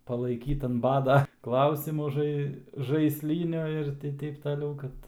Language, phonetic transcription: Lithuanian, palaiˈkyt an ˈbada ˈklausimu ˈžai žaisˈlyniu ir ti ˈteip taˈliau ˈkad

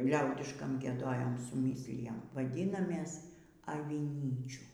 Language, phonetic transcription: Lithuanian, ˈliaudiškam gieˈdojam suˈmyslijam vaˈdynamės aviˈnyčių

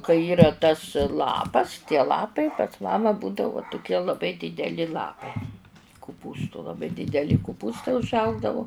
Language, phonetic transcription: Lithuanian, kai ˈyra tas ˈlapas tie ˈlapai pas ˈmama ˈbūdavu tuˈkie laˈbai dideˈli ˈlapai kuˈpūstu laˈbai dideˈli kuˈpūstai užˈaugdavu

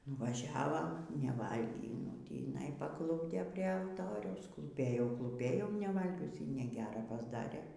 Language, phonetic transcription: Lithuanian, nuvaˈžiavam neˈvalgį nu tįˈnai paˈklupdė prie alˈtoriaus klūˈpėjau klūˈpėjau neˈvalgius y neˈgera pasˈdarė

